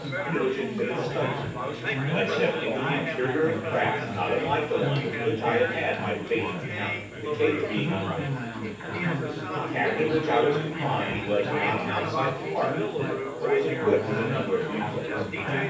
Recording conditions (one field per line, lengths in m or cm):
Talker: one person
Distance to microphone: 9.8 m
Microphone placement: far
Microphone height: 1.8 m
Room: large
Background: babble